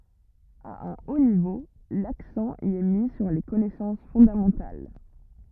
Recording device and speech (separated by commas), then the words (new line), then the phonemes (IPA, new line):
rigid in-ear microphone, read sentence
À un haut niveau, l'accent y est mis sur les connaissances fondamentales.
a œ̃ o nivo laksɑ̃ i ɛ mi syʁ le kɔnɛsɑ̃s fɔ̃damɑ̃tal